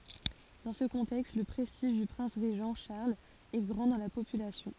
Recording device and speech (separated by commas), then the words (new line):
forehead accelerometer, read sentence
Dans ce contexte, le prestige du prince régent Charles est grand dans la population.